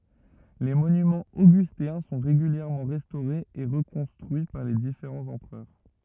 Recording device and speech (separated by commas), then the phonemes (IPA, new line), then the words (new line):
rigid in-ear microphone, read sentence
le monymɑ̃z oɡysteɛ̃ sɔ̃ ʁeɡyljɛʁmɑ̃ ʁɛstoʁez e ʁəkɔ̃stʁyi paʁ le difeʁɑ̃z ɑ̃pʁœʁ
Les monuments augustéens sont régulièrement restaurés et reconstruits par les différents empereurs.